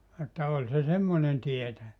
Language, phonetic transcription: Finnish, että 'oĺ se 'semmonen 'tietäʲä .
- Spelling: että oli se semmoinen tietäjä

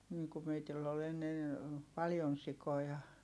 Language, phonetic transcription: Finnish, nii ku meitill ‿ol ‿ennen̬ , paljon sikoja .
- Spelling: niin kun meillä oli ennen paljon sikoja

